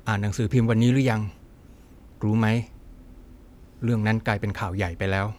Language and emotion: Thai, neutral